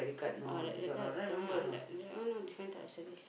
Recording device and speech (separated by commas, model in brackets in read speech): boundary microphone, conversation in the same room